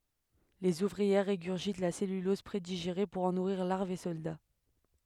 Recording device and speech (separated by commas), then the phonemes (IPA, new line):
headset microphone, read sentence
lez uvʁiɛʁ ʁeɡyʁʒit la sɛlylɔz pʁediʒeʁe puʁ ɑ̃ nuʁiʁ laʁvz e sɔlda